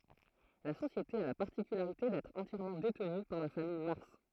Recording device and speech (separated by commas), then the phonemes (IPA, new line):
throat microphone, read sentence
la sosjete a la paʁtikylaʁite dɛtʁ ɑ̃tjɛʁmɑ̃ detny paʁ la famij maʁs